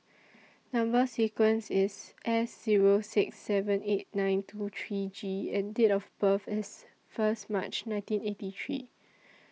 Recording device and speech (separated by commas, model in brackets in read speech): mobile phone (iPhone 6), read sentence